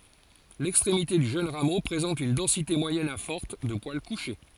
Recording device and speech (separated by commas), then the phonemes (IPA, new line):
forehead accelerometer, read sentence
lɛkstʁemite dy ʒøn ʁamo pʁezɑ̃t yn dɑ̃site mwajɛn a fɔʁt də pwal kuʃe